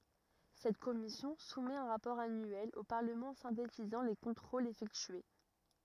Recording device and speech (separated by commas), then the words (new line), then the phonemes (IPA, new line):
rigid in-ear microphone, read sentence
Cette commission soumet un rapport annuel au Parlement synthétisant les contrôles effectués.
sɛt kɔmisjɔ̃ sumɛt œ̃ ʁapɔʁ anyɛl o paʁləmɑ̃ sɛ̃tetizɑ̃ le kɔ̃tʁolz efɛktye